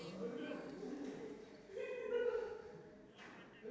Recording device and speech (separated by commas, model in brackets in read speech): standing microphone, conversation in separate rooms